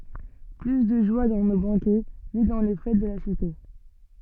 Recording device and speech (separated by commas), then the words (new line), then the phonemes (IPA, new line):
soft in-ear microphone, read sentence
Plus de joie dans nos banquets, ni dans les fêtes de la cité.
ply də ʒwa dɑ̃ no bɑ̃kɛ ni dɑ̃ le fɛt də la site